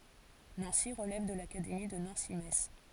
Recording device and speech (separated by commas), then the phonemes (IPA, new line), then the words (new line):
forehead accelerometer, read sentence
nɑ̃si ʁəlɛv də lakademi də nɑ̃si mɛts
Nancy relève de l'académie de Nancy-Metz.